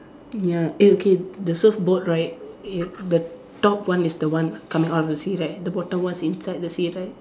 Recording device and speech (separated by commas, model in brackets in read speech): standing microphone, conversation in separate rooms